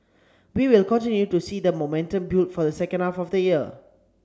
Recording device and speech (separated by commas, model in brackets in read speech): standing microphone (AKG C214), read sentence